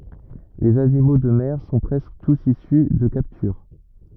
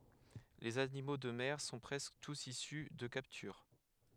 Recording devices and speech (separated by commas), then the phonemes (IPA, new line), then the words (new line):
rigid in-ear microphone, headset microphone, read sentence
lez animo də mɛʁ sɔ̃ pʁɛskə tus isy də kaptyʁ
Les animaux de mer sont presque tous issus de capture.